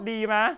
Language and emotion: Thai, happy